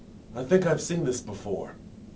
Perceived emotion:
neutral